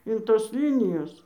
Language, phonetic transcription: Lithuanian, in ˈtos ˈlynijos

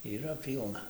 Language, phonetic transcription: Lithuanian, yˈra ˈpylna

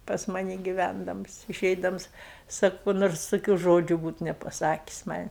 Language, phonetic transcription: Lithuanian, pas ˈmani giˈvændams iˈšeidams ˈsaku ku ˈnors toˈkių ˈžodžiu ˈbūt nepaˈsakis man'

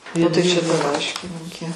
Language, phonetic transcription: Lithuanian, o ˈtai ˈčia ta ˈlaiškinyke

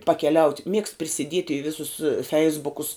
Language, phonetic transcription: Lithuanian, pakeˈliaut' miegst prisiˈdiet' i ˈvisus ˈfeisbukus

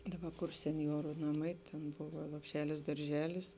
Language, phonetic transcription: Lithuanian, ˈdaˌba kur senˈjoru naˈmai ˈten ˈbova lopˈšelis darˈželis

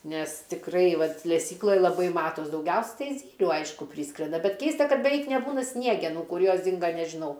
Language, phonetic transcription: Lithuanian, nes tikˈrai ˈvat leˈsykloj laˈbai ˈmatos dauˈgiausia ˈtai ˈzylių ˈaišku ˈpryskrenda bet ˈkeista ˈkad beˈveik neˈbūna ˈsniegenų ˈkur ˈjos ˈdinga nežiˈnau

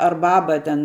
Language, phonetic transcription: Lithuanian, ar ˈbaba ten

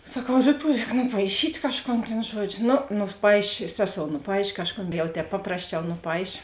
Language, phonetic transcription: Lithuanian, saˈkau ˈryˌtuo ˈrēk nupaiˈšyt' ˈkažˌkon tėn ˈžuodžio ˈno nuˈpaišė ˈseˌsou nuˈpaišė ˈkažˌkon jau ˈtēp ˈpaprasˌčiau nuˈpaišė

